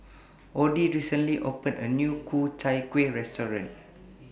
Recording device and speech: boundary microphone (BM630), read sentence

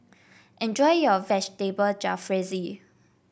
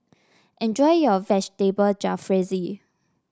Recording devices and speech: boundary microphone (BM630), standing microphone (AKG C214), read sentence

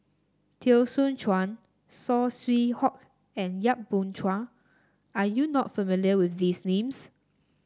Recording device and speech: standing microphone (AKG C214), read sentence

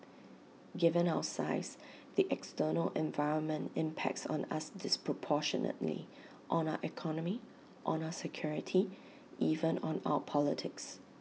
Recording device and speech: mobile phone (iPhone 6), read sentence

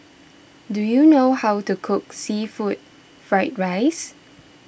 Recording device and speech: boundary microphone (BM630), read sentence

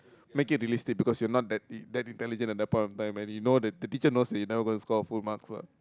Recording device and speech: close-talking microphone, conversation in the same room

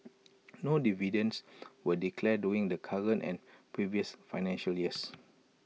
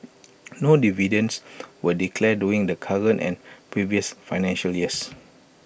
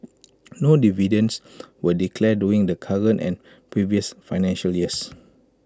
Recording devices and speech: mobile phone (iPhone 6), boundary microphone (BM630), close-talking microphone (WH20), read sentence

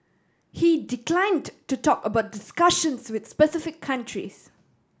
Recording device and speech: standing microphone (AKG C214), read sentence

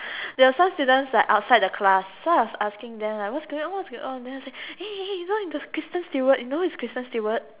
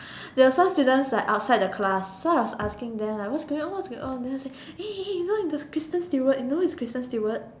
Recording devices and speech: telephone, standing microphone, conversation in separate rooms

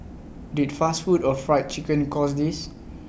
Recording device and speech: boundary microphone (BM630), read sentence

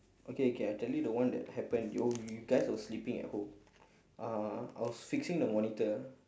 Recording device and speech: standing microphone, conversation in separate rooms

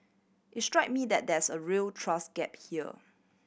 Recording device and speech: boundary microphone (BM630), read sentence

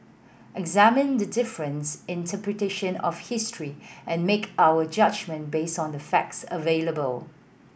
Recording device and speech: boundary microphone (BM630), read sentence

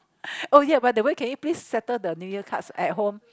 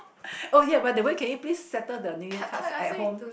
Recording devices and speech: close-talking microphone, boundary microphone, conversation in the same room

